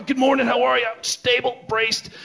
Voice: strained voice